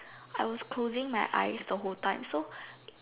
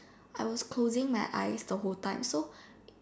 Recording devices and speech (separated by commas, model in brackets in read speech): telephone, standing microphone, conversation in separate rooms